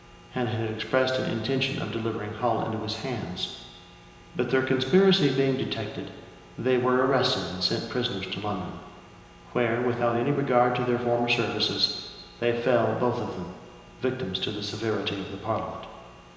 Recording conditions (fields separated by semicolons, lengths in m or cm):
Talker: one person; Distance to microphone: 1.7 m; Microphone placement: close; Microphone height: 1.0 m; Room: very reverberant, large; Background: none